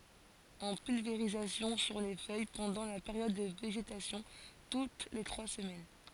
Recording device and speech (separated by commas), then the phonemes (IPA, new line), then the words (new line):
forehead accelerometer, read sentence
ɑ̃ pylveʁizasjɔ̃ syʁ le fœj pɑ̃dɑ̃ la peʁjɔd də veʒetasjɔ̃ tut le tʁwa səmɛn
En pulvérisation sur les feuilles pendant la période de végétation, toutes les trois semaines.